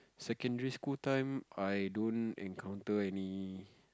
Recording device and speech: close-talking microphone, conversation in the same room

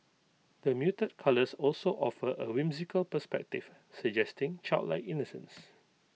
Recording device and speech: mobile phone (iPhone 6), read sentence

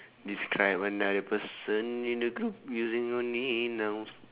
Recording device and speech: telephone, conversation in separate rooms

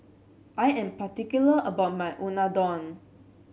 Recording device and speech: mobile phone (Samsung C7), read sentence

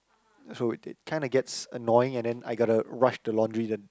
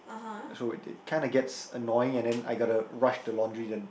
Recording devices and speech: close-talking microphone, boundary microphone, conversation in the same room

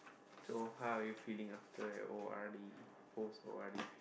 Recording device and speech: boundary microphone, conversation in the same room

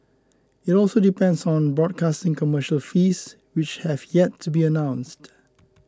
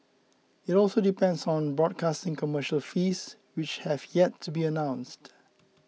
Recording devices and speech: close-talking microphone (WH20), mobile phone (iPhone 6), read sentence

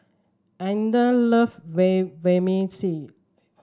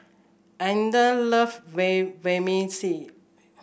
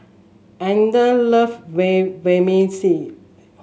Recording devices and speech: standing microphone (AKG C214), boundary microphone (BM630), mobile phone (Samsung S8), read sentence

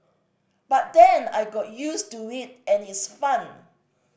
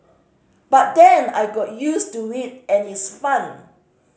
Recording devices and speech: boundary microphone (BM630), mobile phone (Samsung C5010), read sentence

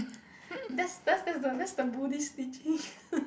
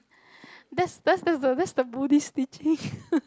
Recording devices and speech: boundary microphone, close-talking microphone, conversation in the same room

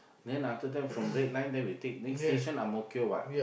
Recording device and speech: boundary microphone, conversation in the same room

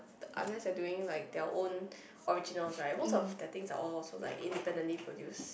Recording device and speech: boundary microphone, conversation in the same room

